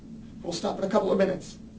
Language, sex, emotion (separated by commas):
English, male, neutral